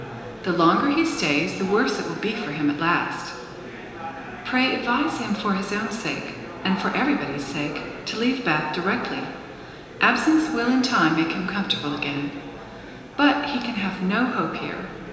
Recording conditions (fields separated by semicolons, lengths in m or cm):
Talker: one person; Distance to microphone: 1.7 m; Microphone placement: close; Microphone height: 1.0 m; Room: very reverberant, large; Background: babble